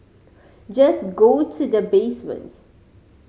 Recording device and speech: mobile phone (Samsung C5010), read sentence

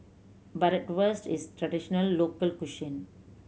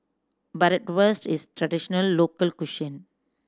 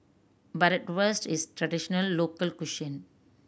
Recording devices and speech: mobile phone (Samsung C7100), standing microphone (AKG C214), boundary microphone (BM630), read sentence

